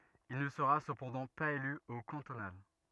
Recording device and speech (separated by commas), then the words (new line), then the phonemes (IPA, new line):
rigid in-ear microphone, read sentence
Il ne sera cependant pas élu aux cantonales.
il nə səʁa səpɑ̃dɑ̃ paz ely o kɑ̃tonal